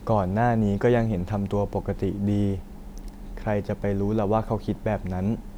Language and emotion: Thai, neutral